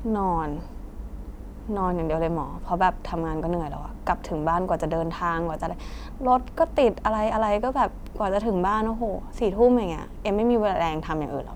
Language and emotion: Thai, frustrated